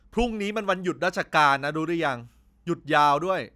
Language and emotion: Thai, frustrated